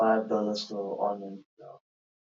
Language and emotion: English, sad